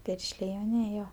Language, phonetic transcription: Lithuanian, ˈpiršlė i jauˈniej ˈjo

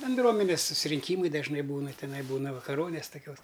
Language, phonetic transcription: Lithuanian, benˈdruomenes susirinˈkymai dažˈnai ˈbūna tiˈnai ˈbūna vakaˈronės toˈkios

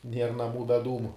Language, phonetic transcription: Lithuanian, ˈnier naˈmų be ˈdūmu

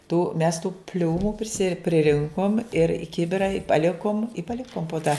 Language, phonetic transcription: Lithuanian, tų mes tų ˈpliūmu priˈsi priˈrinkom ir i ˈkibira i paˈlikom i paˈlikom po ta

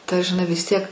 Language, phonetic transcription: Lithuanian, ta žiˈnai vis ˈtiek

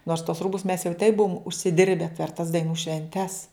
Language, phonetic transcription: Lithuanian, nors tuos ˈrūbus mes jau taip ˈbuvom užsiˈdirbe per tas daiˈnų švenˈtes

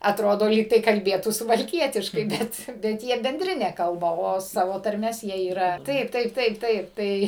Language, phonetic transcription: Lithuanian, atˈrodo ˈlygtai kalˈbėtų suvalˈkietiškai ˈbet bet ˈjie benˈdrine ˈkalba o ˈsavo tarˈmes ˈjie yˈra ˈtaip ˈtaip ˈtaip ˈtaip ˈtai

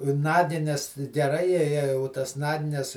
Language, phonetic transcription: Lithuanian, ˈnagines geˈrai ˈjei jei u ˈtas ˈnagines

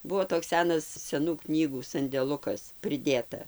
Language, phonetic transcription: Lithuanian, ˈbuo toks ˈsenas seˈnų knyˈgų sandeˈlukas priˈdėta

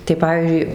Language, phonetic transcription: Lithuanian, tai ˈpavyzdžiui

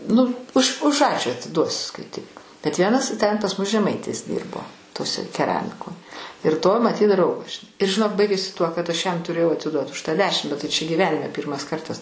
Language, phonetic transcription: Lithuanian, ˈnu už už ˈačiū atiˈduosiu skaiˈtik bet ˈvienas ten pas ˈmus žeˈmaitis ˈdyrbo toˈse keˈramiko ir to maˈtyt ˈdraugas žiˈnai ir žiˈnok baigėsi tuo kad ˈaš ˈjam tuˈrėjau atiˈduot už ˈtą ˈdešim bet tai ˈčia gyˈvenime ˈpyrmas ˈkartas

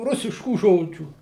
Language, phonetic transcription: Lithuanian, ˈrusiškų ˈžodžių

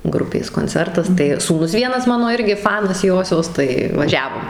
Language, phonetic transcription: Lithuanian, ˈgrupės konˈcertas tai sūˈnus ˈvienas ˈmano ˈirgi ˈfanas ˈjosios tai vaˈžiavom

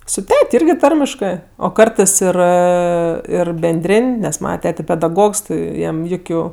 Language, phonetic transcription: Lithuanian, su ˈtet' ˈirgi ˈtarmiškɜ o ˈkartɜs ˈir ˈir benˈdrėn' nes ˈmana ˈtete pedaˈgogs ˈjam ˈjukiu

